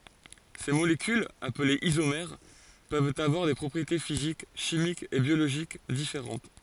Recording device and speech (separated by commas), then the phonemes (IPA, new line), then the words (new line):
forehead accelerometer, read sentence
se molekylz aplez izomɛʁ pøvt avwaʁ de pʁɔpʁiete fizik ʃimikz e bjoloʒik difeʁɑ̃t
Ces molécules, appelées isomères, peuvent avoir des propriétés physiques, chimiques et biologiques différentes.